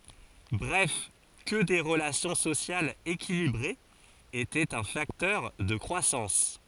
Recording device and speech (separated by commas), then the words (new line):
forehead accelerometer, read sentence
Bref que des relations sociales équilibrées étaient un facteur de croissance.